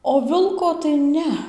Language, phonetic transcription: Lithuanian, o ˈvilko tai ˈne

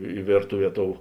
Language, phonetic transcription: Lithuanian, i ˈvėrtuˌvie ˈtou

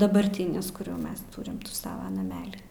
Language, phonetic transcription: Lithuanian, dabarˈtinis kur jau ˈmes ˈturim ˈsava naˈmeli

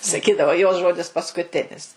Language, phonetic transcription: Lithuanian, saˈkydavo jos ˈžodis paskuˈtinis

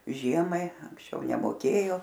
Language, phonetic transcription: Lithuanian, ˈžiemai anksˈčiau nemoˈkėjo

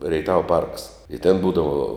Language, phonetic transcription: Lithuanian, reiˈtava parks i ten ˈbūdavo

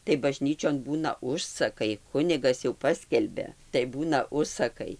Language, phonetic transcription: Lithuanian, tai baˈžnyčion ˈbūna ˈužsakai ˈkunigas jau ˈpaskelbia tai ˈbūna ˈužsakai

